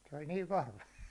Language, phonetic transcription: Finnish, se oĺ niiv 'vahva .
- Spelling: se oli niin vahva

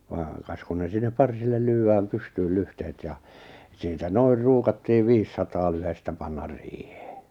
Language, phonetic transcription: Finnish, vaaŋ 'kas kun ne 'sinnep 'parsillel "lyy₍äm "pystyyl 'lyhtehet ja , siitä 'noir 'ruukattiiv 'viissataa lyhestä 'pannar 'riihᴇᴇ .
- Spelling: vaan kas kun ne sinne parsille lyödään pystyi lyhteet ja siitä noin ruukattiin viisisataa lyhdettä panna riiheen

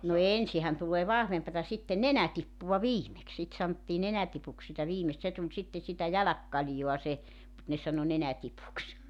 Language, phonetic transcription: Finnish, no "ensihän tul̀ee "vahvempata 'sitten "nenätippuwa "viimeks sit 'santtii 'nenätipuks sitä 'viimest 'se tuĺ 'sitte sitä 'jäläkkaĺjoa 'se , mut ne 'sano 'nenätipuks .
- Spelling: no ensinhän tulee vahvempaa sitten nenätippua viimeksi sitä sanottiin nenätipuksi sitä viimeistä se tuli sitten sitä jälkikaljaa se mutta ne sanoi nenätipuksi

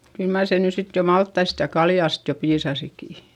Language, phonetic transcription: Finnish, kyl mar se ny sit jo malttaist ja kaljàst jo piisasiki !
- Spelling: kyllä mar se nyt sitten jo maltaista ja kaljasta jo piisasikin

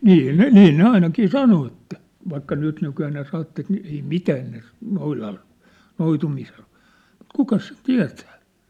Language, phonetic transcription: Finnish, 'nii ne , 'nii ne "ainakii "sano että , vaikka 'nytnykyjää ne ('sanottas) ni , ei "mitää ne , 'noilal , 'noitumisel (voi) , mut "kukas sit "tiä̭tᴀ̈ .
- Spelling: niin ne niin ne ainakin sanoi että vaikka nytnykyään ne sanottaisiin niin ei mitään ne noidalle noitumiselle voi mutta kukas sitten tietää

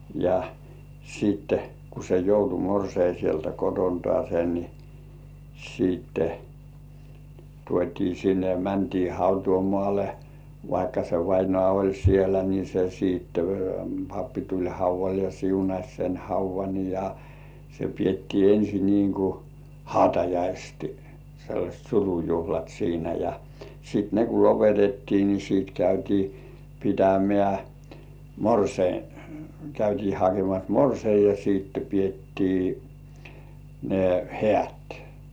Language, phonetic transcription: Finnish, ja , siitte , ku se joutu 'morsei sieltä "kotontŏ§àsen ni , siitte , 'tuot́ii 'sinne ja 'mäntii "hautuumŏàle , vaikka se vainŏ§à oĺ sielä ni se siitte , 'pappi tuĺ "hauv̆val ja 'siunaś sen "hauv̆van ja , se piettii 'ensi niiŋ ku , "hautajaistɪ , sellaśt 'surujuhlat siinä ja , sit "ne ku 'lopetettii ni sit "käytii 'pitämĕä̀ , 'morsei , 'käytii hakemas "morsei ja siitte 'piettii , ne "hĕä̀t .
- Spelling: ja sitten kun se joutui morsian sieltä kotoaan niin sitten tuotiin sinne ja mentiin hautausmaalle vaikka se vainaja oli siellä niin se sitten pappi tuli haudalle ja siunasi sen haudan ja se pidettiin ensin niin kuin hautajaisten sellaiset surujuhlat siinä ja sitten ne kun lopetettiin niin sitten käytiin pitämään morsian käytiin hakemassa morsian ja sitten pidettiin ne häät

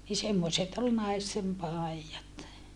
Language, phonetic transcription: Finnish, ni semmoset ol naistem pài̮jat .
- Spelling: niin semmoiset oli naisten paidat

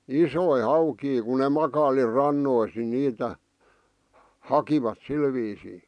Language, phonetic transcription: Finnish, isoi 'haukii ku ne 'makaili "rannois ni 'niitä , 'hakivat 'sil viisii .
- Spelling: isoja haukia kun ne makaili rannoissa niin niitä hakivat sillä viisiin

